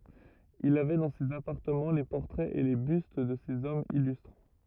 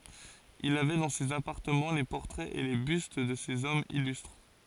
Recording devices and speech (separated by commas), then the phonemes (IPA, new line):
rigid in-ear microphone, forehead accelerometer, read sentence
il avɛ dɑ̃ sez apaʁtəmɑ̃ le pɔʁtʁɛz e le byst də sez ɔmz ilystʁ